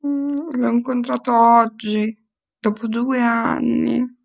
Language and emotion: Italian, sad